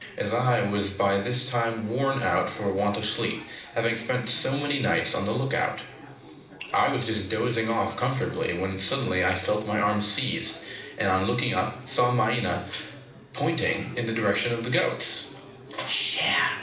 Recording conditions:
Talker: one person; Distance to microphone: 2.0 m; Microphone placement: close; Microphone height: 99 cm; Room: medium-sized (5.7 m by 4.0 m); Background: babble

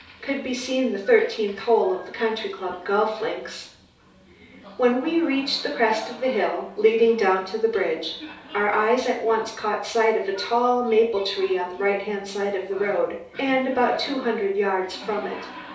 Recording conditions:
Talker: one person; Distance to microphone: 3.0 m; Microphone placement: far; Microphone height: 1.8 m; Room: small (3.7 m by 2.7 m); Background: television

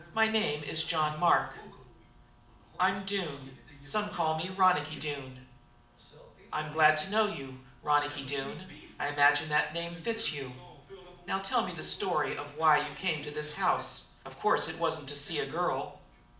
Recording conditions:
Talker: one person; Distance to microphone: 2.0 m; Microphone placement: close; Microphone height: 99 cm; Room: medium-sized (5.7 m by 4.0 m); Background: television

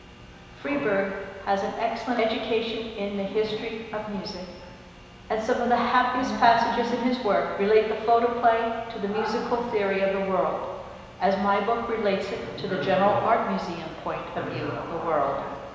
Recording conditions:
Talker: one person; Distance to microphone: 1.7 m; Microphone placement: close; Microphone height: 1.0 m; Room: very reverberant, large; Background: television

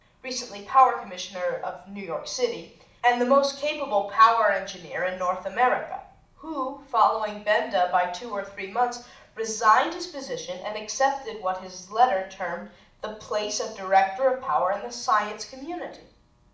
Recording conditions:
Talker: one person; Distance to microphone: 2.0 m; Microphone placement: close; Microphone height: 99 cm; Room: medium-sized (5.7 m by 4.0 m); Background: none

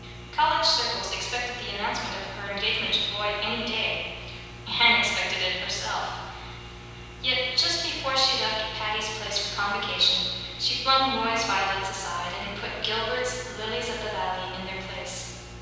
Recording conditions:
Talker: one person; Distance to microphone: 7.1 m; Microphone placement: far; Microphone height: 1.7 m; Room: very reverberant, large; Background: none

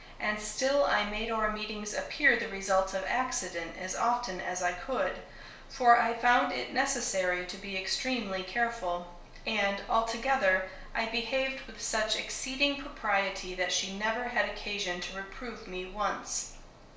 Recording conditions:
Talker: one person; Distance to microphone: 1.0 m; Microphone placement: close; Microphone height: 1.1 m; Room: small (3.7 m by 2.7 m); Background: none

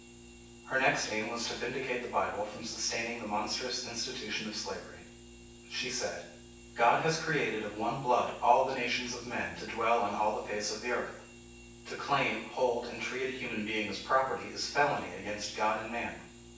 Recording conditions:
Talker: one person; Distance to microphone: 9.8 m; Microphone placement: far; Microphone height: 1.8 m; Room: large; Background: none

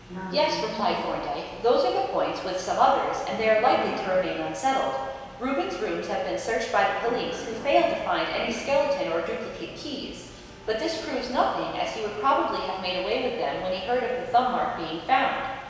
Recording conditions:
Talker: one person; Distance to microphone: 1.7 m; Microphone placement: close; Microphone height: 1.0 m; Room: very reverberant, large; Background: television

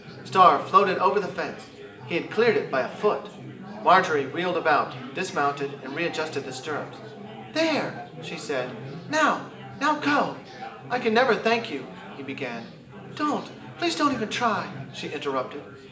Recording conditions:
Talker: one person; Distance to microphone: 1.8 m; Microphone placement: close; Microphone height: 1.0 m; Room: large; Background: babble

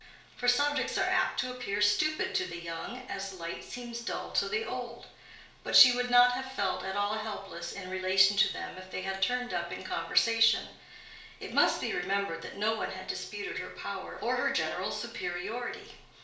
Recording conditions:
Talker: one person; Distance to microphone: 1.0 m; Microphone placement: close; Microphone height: 1.1 m; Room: small (3.7 m by 2.7 m); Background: none

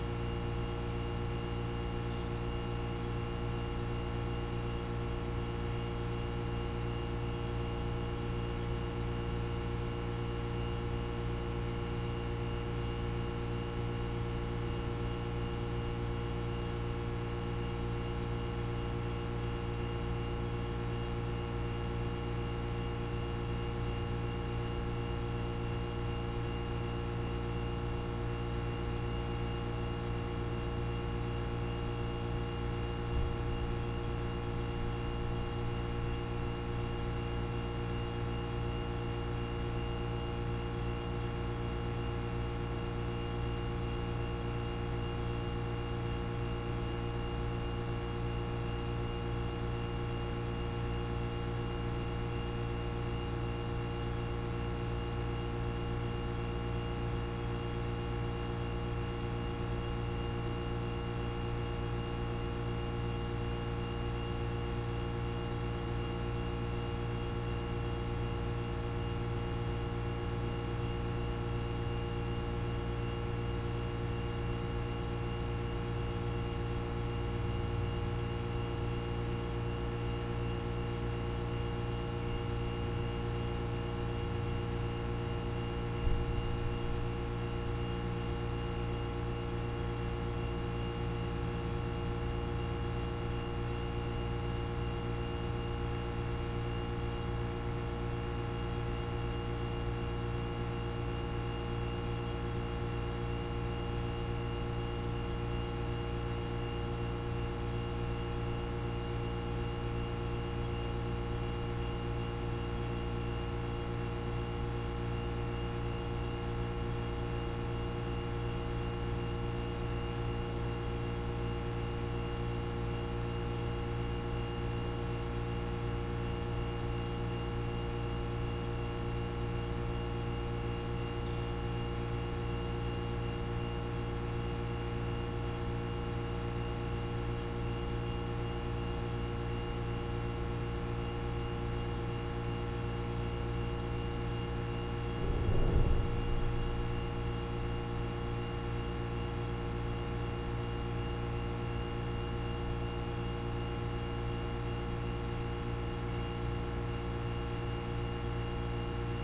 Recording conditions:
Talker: no one; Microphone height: 1.7 m; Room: very reverberant, large; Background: none

